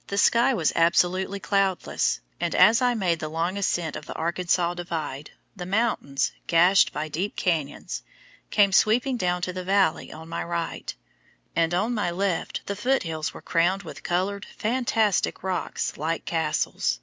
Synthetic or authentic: authentic